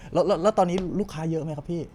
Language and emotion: Thai, happy